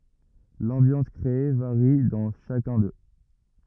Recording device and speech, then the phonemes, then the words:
rigid in-ear microphone, read sentence
lɑ̃bjɑ̃s kʁee vaʁi dɑ̃ ʃakœ̃ dø
L'ambiance créée varie dans chacun d'eux.

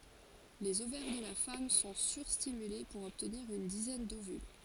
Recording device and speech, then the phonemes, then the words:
forehead accelerometer, read sentence
lez ovɛʁ də la fam sɔ̃ syʁstimyle puʁ ɔbtniʁ yn dizɛn dovyl
Les ovaires de la femme sont sur-stimulés pour obtenir une dizaine d'ovules.

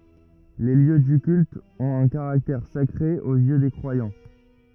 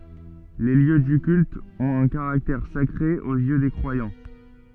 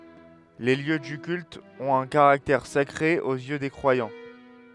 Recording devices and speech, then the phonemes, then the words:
rigid in-ear microphone, soft in-ear microphone, headset microphone, read sentence
le ljø dy kylt ɔ̃t œ̃ kaʁaktɛʁ sakʁe oz jø de kʁwajɑ̃
Les lieux du culte ont un caractère sacré aux yeux des croyants.

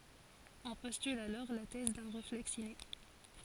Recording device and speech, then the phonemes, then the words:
forehead accelerometer, read sentence
ɔ̃ pɔstyl alɔʁ la tɛz dœ̃ ʁeflɛks ine
On postule alors la thèse d'un réflexe inné.

